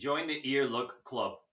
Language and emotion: English, neutral